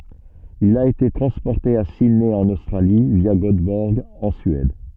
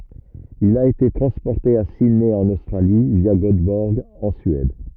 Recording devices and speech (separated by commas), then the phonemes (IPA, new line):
soft in-ear microphone, rigid in-ear microphone, read sentence
il a ete tʁɑ̃spɔʁte a sidnɛ ɑ̃n ostʁali vja ɡotbɔʁɡ ɑ̃ syɛd